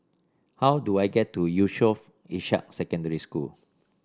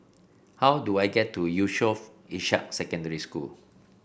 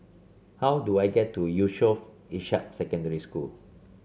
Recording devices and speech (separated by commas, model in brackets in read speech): standing microphone (AKG C214), boundary microphone (BM630), mobile phone (Samsung C7), read sentence